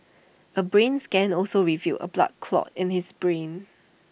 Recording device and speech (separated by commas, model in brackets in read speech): boundary microphone (BM630), read sentence